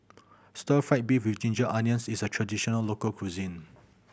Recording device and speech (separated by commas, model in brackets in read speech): boundary microphone (BM630), read sentence